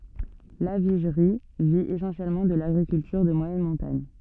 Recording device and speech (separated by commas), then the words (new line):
soft in-ear microphone, read sentence
Lavigerie vit essentiellement de l'agriculture de moyenne montagne.